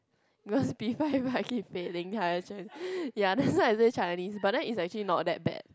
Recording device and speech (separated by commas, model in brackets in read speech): close-talking microphone, conversation in the same room